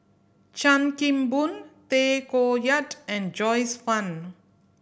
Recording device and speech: boundary microphone (BM630), read sentence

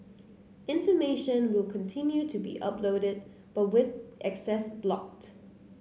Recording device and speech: mobile phone (Samsung C9), read sentence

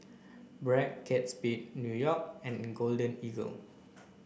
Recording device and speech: boundary microphone (BM630), read sentence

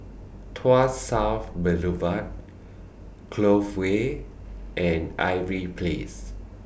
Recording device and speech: boundary microphone (BM630), read sentence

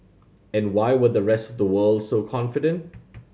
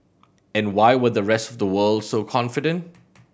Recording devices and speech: mobile phone (Samsung C7100), boundary microphone (BM630), read sentence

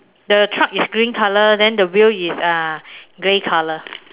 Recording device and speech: telephone, conversation in separate rooms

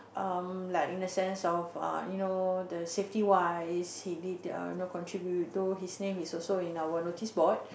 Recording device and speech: boundary microphone, conversation in the same room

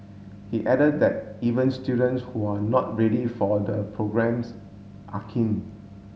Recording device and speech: mobile phone (Samsung S8), read sentence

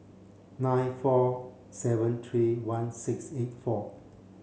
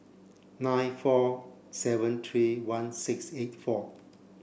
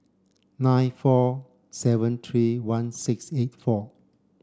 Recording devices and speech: mobile phone (Samsung C7), boundary microphone (BM630), standing microphone (AKG C214), read sentence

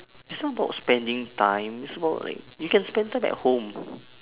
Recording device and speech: telephone, conversation in separate rooms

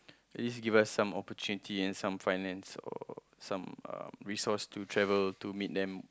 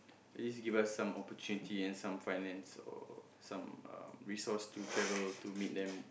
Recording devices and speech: close-talking microphone, boundary microphone, conversation in the same room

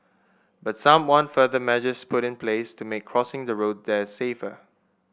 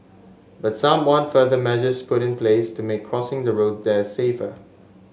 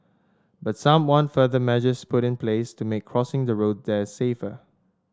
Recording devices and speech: boundary microphone (BM630), mobile phone (Samsung S8), standing microphone (AKG C214), read sentence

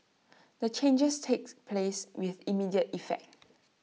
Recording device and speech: mobile phone (iPhone 6), read sentence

